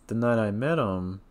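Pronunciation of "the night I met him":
The voice rises on 'him' at the end of 'the night I met him'.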